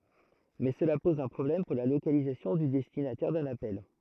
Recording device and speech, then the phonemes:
throat microphone, read sentence
mɛ səla pɔz œ̃ pʁɔblɛm puʁ la lokalizasjɔ̃ dy dɛstinatɛʁ dœ̃n apɛl

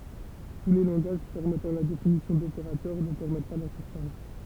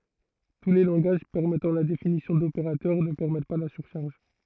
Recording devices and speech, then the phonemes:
temple vibration pickup, throat microphone, read sentence
tu le lɑ̃ɡaʒ pɛʁmɛtɑ̃ la definisjɔ̃ dopeʁatœʁ nə pɛʁmɛt pa la syʁʃaʁʒ

